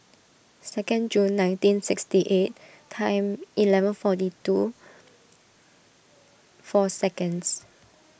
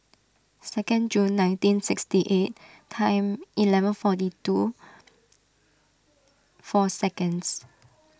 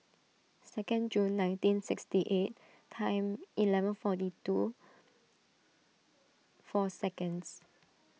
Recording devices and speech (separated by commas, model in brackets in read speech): boundary microphone (BM630), standing microphone (AKG C214), mobile phone (iPhone 6), read sentence